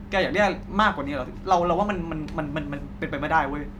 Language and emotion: Thai, angry